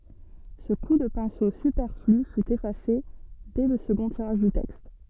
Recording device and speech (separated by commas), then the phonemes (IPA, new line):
soft in-ear microphone, read sentence
sə ku də pɛ̃so sypɛʁfly fy efase dɛ lə səɡɔ̃ tiʁaʒ dy tɛkst